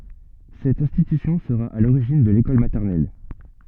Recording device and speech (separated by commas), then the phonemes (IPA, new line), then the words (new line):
soft in-ear microphone, read sentence
sɛt ɛ̃stitysjɔ̃ səʁa a loʁiʒin də lekɔl matɛʁnɛl
Cette institution sera à l’origine de l’école maternelle.